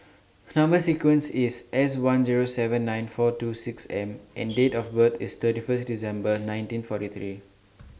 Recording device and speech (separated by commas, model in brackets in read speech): standing microphone (AKG C214), read sentence